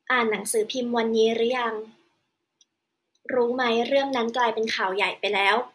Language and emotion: Thai, neutral